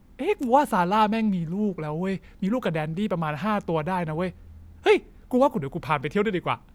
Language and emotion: Thai, happy